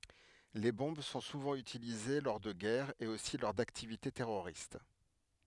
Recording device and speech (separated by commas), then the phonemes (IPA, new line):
headset microphone, read sentence
le bɔ̃b sɔ̃ suvɑ̃ ytilize lɔʁ də ɡɛʁz e osi lɔʁ daktivite tɛʁoʁist